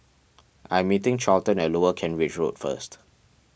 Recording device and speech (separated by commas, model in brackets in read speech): boundary microphone (BM630), read sentence